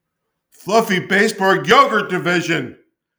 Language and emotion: English, fearful